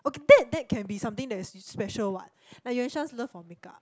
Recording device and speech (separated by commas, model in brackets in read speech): close-talking microphone, conversation in the same room